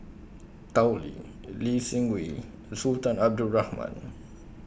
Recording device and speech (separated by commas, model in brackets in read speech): boundary microphone (BM630), read sentence